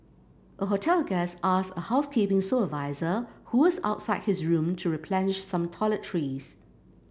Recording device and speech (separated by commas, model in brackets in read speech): boundary microphone (BM630), read sentence